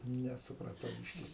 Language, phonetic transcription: Lithuanian, nesupraˈtau ˈbyški

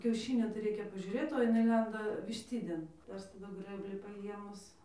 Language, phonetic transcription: Lithuanian, kiauˈšynio tai ˈreikia pažiuˈrėt o jiˈnai ˈlenda višˈtidėn tai ˈaš taˈdu ˈgrɘblį paˈjiemus

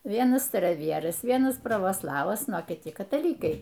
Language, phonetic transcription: Lithuanian, ˈvienas staraˈvieras ˈvienas pravoˈslavas ˈnu o kiˈti kataˈlykai

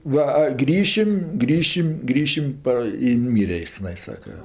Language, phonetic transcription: Lithuanian, ˈva a ˈgrįšim ˈgrįšim ˈgrįšim ˈpa i nuˈmyre ˈis teˈnai ˈsaka

